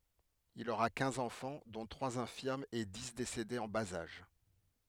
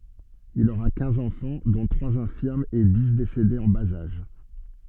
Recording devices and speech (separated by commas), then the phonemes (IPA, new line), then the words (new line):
headset microphone, soft in-ear microphone, read sentence
il oʁa kɛ̃z ɑ̃fɑ̃ dɔ̃ tʁwaz ɛ̃fiʁmz e di desedez ɑ̃ baz aʒ
Il aura quinze enfants, dont trois infirmes et dix décédés en bas âge.